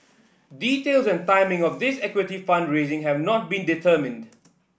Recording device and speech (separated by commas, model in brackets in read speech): boundary microphone (BM630), read sentence